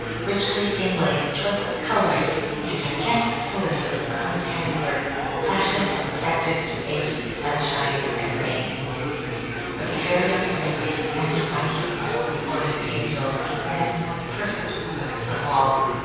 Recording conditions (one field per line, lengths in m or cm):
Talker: one person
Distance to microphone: 7.1 m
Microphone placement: far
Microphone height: 1.7 m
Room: very reverberant, large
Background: babble